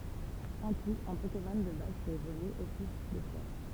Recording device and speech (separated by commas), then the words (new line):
temple vibration pickup, read sentence
En tout, un Pokémon de base peut évoluer au plus deux fois.